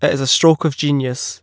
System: none